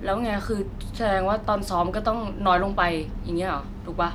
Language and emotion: Thai, frustrated